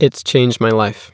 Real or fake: real